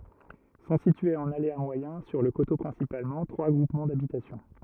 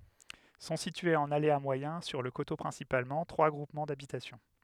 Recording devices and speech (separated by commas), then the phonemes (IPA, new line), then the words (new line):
rigid in-ear microphone, headset microphone, read sentence
sɔ̃ sityez ɑ̃n alea mwajɛ̃ syʁ lə koto pʁɛ̃sipalmɑ̃ tʁwa ɡʁupmɑ̃ dabitasjɔ̃
Sont situés en aléa moyen, sur le coteau principalement, trois groupements d’habitation.